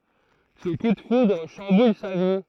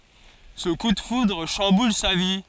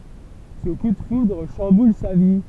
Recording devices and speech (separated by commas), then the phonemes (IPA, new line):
throat microphone, forehead accelerometer, temple vibration pickup, read sentence
sə ku də fudʁ ʃɑ̃bul sa vi